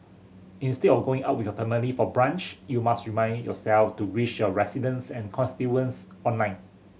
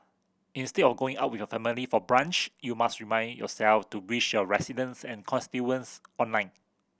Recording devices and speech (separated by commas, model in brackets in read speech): mobile phone (Samsung C7100), boundary microphone (BM630), read sentence